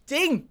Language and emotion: Thai, happy